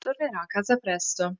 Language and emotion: Italian, neutral